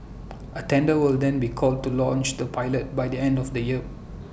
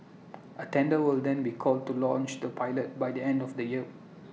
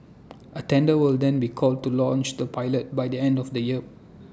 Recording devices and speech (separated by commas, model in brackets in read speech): boundary microphone (BM630), mobile phone (iPhone 6), standing microphone (AKG C214), read sentence